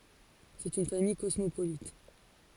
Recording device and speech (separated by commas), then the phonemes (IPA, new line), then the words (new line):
forehead accelerometer, read sentence
sɛt yn famij kɔsmopolit
C'est une famille cosmopolite.